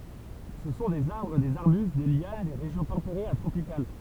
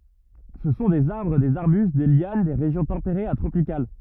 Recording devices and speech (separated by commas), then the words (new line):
temple vibration pickup, rigid in-ear microphone, read sentence
Ce sont des arbres, des arbustes, des lianes des régions tempérées à tropicales.